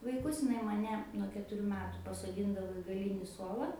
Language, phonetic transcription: Lithuanian, vaiˈkus iˈnai maˈne nuo ketuˈrių ˈmetu pasoˈdyndavo i gaˈlyni ˈsuola

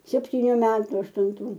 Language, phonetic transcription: Lithuanian, septyˈnių ˈmetu aštunˈtų

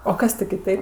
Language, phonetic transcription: Lithuanian, o ˈkas ti kiˈtaip

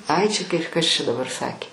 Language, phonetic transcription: Lithuanian, ˈai čia kai ˈkas čia daˈbar ˈsakė

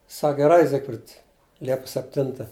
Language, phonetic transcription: Lithuanian, ˈsak geˈrai ˈzigfrid ˈliepus sepˈtinta

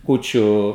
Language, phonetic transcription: Lithuanian, ˈkūčiu

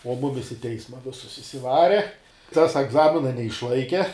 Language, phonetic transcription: Lithuanian, o ˈmumis i ˈteisma ˈvisus išsiˈvare ˈtas egˈzamina neišˈlaike

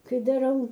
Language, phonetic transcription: Lithuanian, ˈkai daˈrau

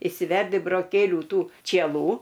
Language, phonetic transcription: Lithuanian, išsiˈverdi broˈkėlių ˈtų čieˈlų

